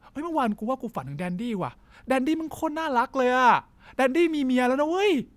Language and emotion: Thai, happy